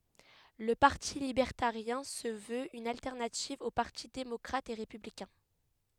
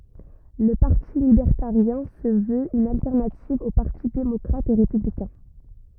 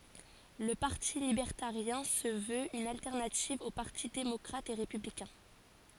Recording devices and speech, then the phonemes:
headset microphone, rigid in-ear microphone, forehead accelerometer, read sentence
lə paʁti libɛʁtaʁjɛ̃ sə vøt yn altɛʁnativ o paʁti demɔkʁat e ʁepyblikɛ̃

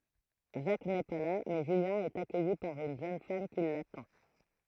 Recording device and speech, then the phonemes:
throat microphone, read sentence
ʒak nɛ pa la mɛ ʒyljɛ̃ ɛt akœji paʁ yn ʒøn fam ki latɑ̃

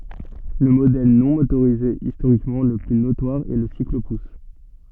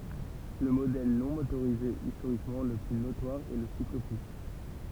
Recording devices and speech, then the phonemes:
soft in-ear microphone, temple vibration pickup, read sentence
lə modɛl nɔ̃ motoʁize istoʁikmɑ̃ lə ply notwaʁ ɛ lə siklopus

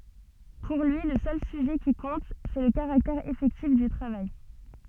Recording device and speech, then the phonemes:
soft in-ear microphone, read sentence
puʁ lyi lə sœl syʒɛ ki kɔ̃t sɛ lə kaʁaktɛʁ efɛktif dy tʁavaj

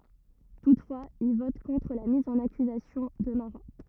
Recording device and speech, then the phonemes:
rigid in-ear microphone, read sentence
tutfwaz il vɔt kɔ̃tʁ la miz ɑ̃n akyzasjɔ̃ də maʁa

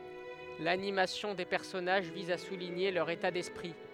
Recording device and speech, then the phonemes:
headset microphone, read sentence
lanimasjɔ̃ de pɛʁsɔnaʒ viz a suliɲe lœʁ eta dɛspʁi

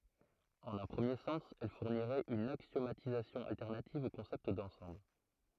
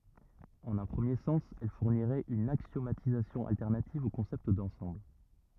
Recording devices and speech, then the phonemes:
throat microphone, rigid in-ear microphone, read sentence
ɑ̃n œ̃ pʁəmje sɑ̃s ɛl fuʁniʁɛt yn aksjomatizasjɔ̃ altɛʁnativ o kɔ̃sɛpt dɑ̃sɑ̃bl

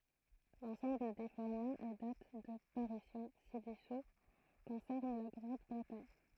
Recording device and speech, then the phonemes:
throat microphone, read sentence
lɑ̃sɑ̃bl de fɔʁmaz e dat də paʁysjɔ̃ sidɛsu kɔ̃sɛʁn la ɡʁɑ̃dbʁətaɲ

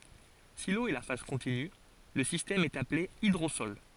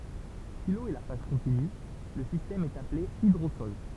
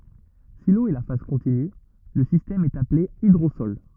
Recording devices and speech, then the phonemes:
forehead accelerometer, temple vibration pickup, rigid in-ear microphone, read sentence
si lo ɛ la faz kɔ̃tiny lə sistɛm ɛt aple idʁosɔl

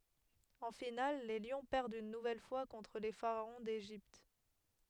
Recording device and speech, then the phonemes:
headset microphone, read sentence
ɑ̃ final le ljɔ̃ pɛʁdt yn nuvɛl fwa kɔ̃tʁ le faʁaɔ̃ deʒipt

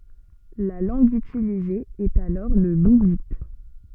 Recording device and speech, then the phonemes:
soft in-ear microphone, read sentence
la lɑ̃ɡ ytilize ɛt alɔʁ lə luvit

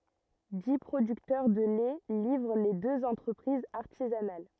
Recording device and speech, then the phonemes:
rigid in-ear microphone, read sentence
di pʁodyktœʁ də lɛ livʁ le døz ɑ̃tʁəpʁizz aʁtizanal

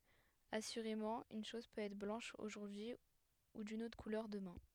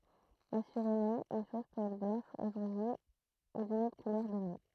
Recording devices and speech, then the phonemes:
headset microphone, throat microphone, read sentence
asyʁemɑ̃ yn ʃɔz pøt ɛtʁ blɑ̃ʃ oʒuʁdyi u dyn otʁ kulœʁ dəmɛ̃

